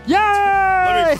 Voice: in a silly voice